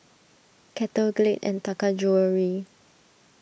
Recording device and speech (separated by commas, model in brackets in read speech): boundary microphone (BM630), read sentence